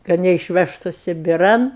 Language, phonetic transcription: Lithuanian, kad neišˈvežtu sibiˈran

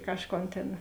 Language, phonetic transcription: Lithuanian, ˈkažˌkon tėn

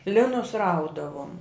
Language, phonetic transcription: Lithuanian, ˈlinus ˈraudavom

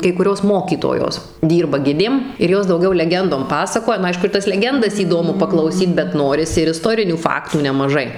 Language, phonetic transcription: Lithuanian, kai kuˈrios ˈmokytojos ˈdyrba ˈgidėm ir ˈjos dauˈgiau leˈgendom ˈpasakoja nu ˈaišku ir ˈtas leˈgendas įˈdomu paklauˈsyt bet ˈnorisi ir iˈstorinių ˈfaktų nemaˈžai

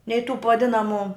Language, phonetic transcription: Lithuanian, nei tų p vaˈdinamu

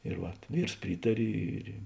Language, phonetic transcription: Lithuanian, ir ˈvat ˈvyrs ˈprytari ˈir i

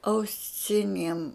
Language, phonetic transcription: Lithuanian, auˈsiniem

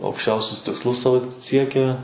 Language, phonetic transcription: Lithuanian, aukšˈčiausius tiksˈlus ˈsao ˈsiekia

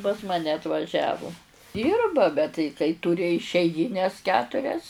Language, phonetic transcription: Lithuanian, pas ˈmane atvaˈžiavu ˈdyrba bet tai kai ˈtūri išeiˈgynes ˈketurias

